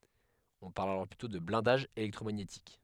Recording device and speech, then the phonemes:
headset microphone, read sentence
ɔ̃ paʁl alɔʁ plytɔ̃ də blɛ̃daʒ elɛktʁomaɲetik

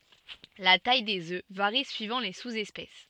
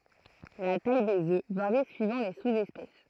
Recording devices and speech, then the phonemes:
soft in-ear microphone, throat microphone, read sentence
la taj dez ø vaʁi syivɑ̃ le suzɛspɛs

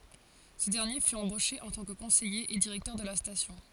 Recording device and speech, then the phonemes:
forehead accelerometer, read sentence
sə dɛʁnje fy ɑ̃boʃe ɑ̃ tɑ̃ kə kɔ̃sɛje e diʁɛktœʁ də la stasjɔ̃

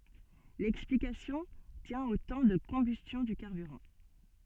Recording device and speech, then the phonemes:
soft in-ear microphone, read sentence
lɛksplikasjɔ̃ tjɛ̃ o tɑ̃ də kɔ̃bystjɔ̃ dy kaʁbyʁɑ̃

